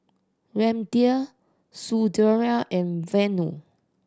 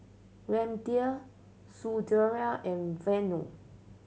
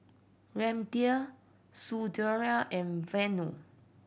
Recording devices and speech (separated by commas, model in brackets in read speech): standing microphone (AKG C214), mobile phone (Samsung C7100), boundary microphone (BM630), read sentence